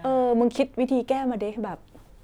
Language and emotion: Thai, frustrated